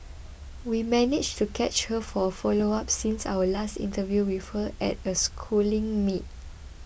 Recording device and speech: boundary microphone (BM630), read sentence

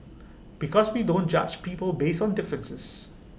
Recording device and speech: boundary microphone (BM630), read sentence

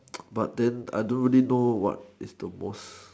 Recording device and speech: standing microphone, conversation in separate rooms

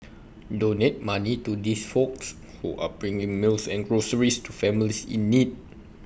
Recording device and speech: boundary microphone (BM630), read sentence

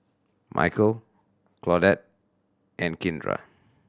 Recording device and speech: standing microphone (AKG C214), read sentence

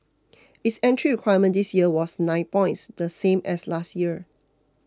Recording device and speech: close-talking microphone (WH20), read sentence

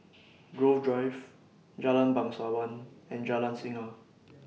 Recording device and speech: mobile phone (iPhone 6), read sentence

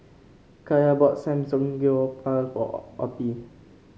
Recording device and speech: mobile phone (Samsung C5), read sentence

